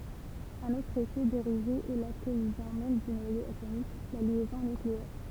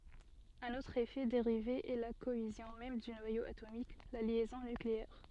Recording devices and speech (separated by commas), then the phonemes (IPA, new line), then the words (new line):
temple vibration pickup, soft in-ear microphone, read sentence
œ̃n otʁ efɛ deʁive ɛ la koezjɔ̃ mɛm dy nwajo atomik la ljɛzɔ̃ nykleɛʁ
Un autre effet dérivé est la cohésion même du noyau atomique, la liaison nucléaire.